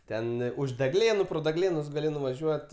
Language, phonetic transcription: Lithuanian, ˈten už deˈglėnu pro deˈglėnus gaˈli nuvaˈžiuot

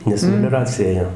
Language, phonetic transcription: Lithuanian, nes melioˈracija ˈėjo

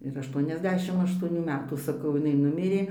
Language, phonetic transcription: Lithuanian, ir ašˈtuoniasˌdešim aštuoˈnių ˈmetų saˈkau iˈnai ˈnumirė

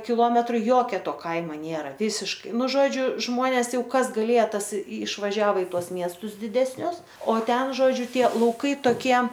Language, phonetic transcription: Lithuanian, kiˈlometru ˈjokia ˈto ˈkaima ˈnėra ˈvysiškai ˈnu ˈžodžiu ˈžmonės ˈjau ˈkas gaˈlėja ˈtas išvaˈžiavo i ˈtuos ˈmiestus didesˈnius o ˈten ˈžodžiu ˈtie lauˈkai toˈkie

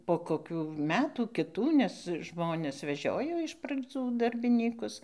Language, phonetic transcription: Lithuanian, po koˈkių ˈmetų kiˈtų nes ˈžmones veˈžiojo iš pradzų darbiˈnykus

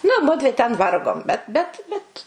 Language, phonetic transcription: Lithuanian, nu ˈmudvi ten ˈvargom bet bet ˈbet

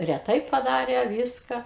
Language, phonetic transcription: Lithuanian, reˈtai paˈdarė ˈvyska

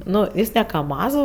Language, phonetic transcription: Lithuanian, ˈnu ˈjis ne kaˈmazų

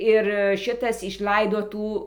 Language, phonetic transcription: Lithuanian, ir ˈšitas išˈlaido ˈtų

